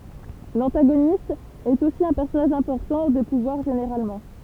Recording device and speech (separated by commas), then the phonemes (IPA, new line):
temple vibration pickup, read sentence
lɑ̃taɡonist ɛt osi œ̃ pɛʁsɔnaʒ ɛ̃pɔʁtɑ̃ də puvwaʁ ʒeneʁalmɑ̃